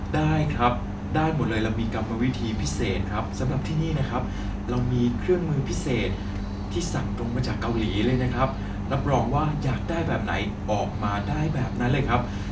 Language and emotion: Thai, happy